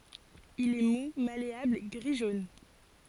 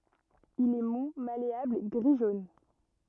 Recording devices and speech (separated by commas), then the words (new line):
forehead accelerometer, rigid in-ear microphone, read sentence
Il est mou, malléable, gris-jaune.